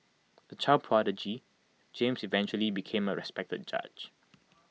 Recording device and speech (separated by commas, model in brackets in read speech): mobile phone (iPhone 6), read sentence